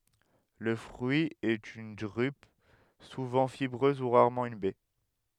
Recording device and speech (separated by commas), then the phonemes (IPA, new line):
headset microphone, read sentence
lə fʁyi ɛt yn dʁyp suvɑ̃ fibʁøz u ʁaʁmɑ̃ yn bɛ